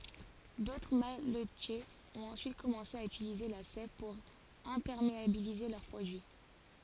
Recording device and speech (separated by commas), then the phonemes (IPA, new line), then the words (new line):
forehead accelerometer, read sentence
dotʁ malətjez ɔ̃t ɑ̃syit kɔmɑ̃se a ytilize la sɛv puʁ ɛ̃pɛʁmeabilize lœʁ pʁodyi
D'autres malletiers ont ensuite commencé à utiliser la sève pour imperméabiliser leurs produits.